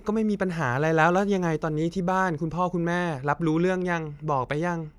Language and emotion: Thai, frustrated